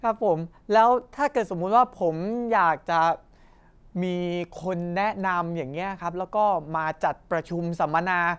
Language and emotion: Thai, happy